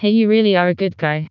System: TTS, vocoder